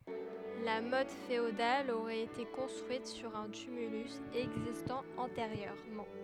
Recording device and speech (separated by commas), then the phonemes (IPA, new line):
headset microphone, read sentence
la mɔt feodal oʁɛt ete kɔ̃stʁyit syʁ œ̃ tymylys ɛɡzistɑ̃ ɑ̃teʁjøʁmɑ̃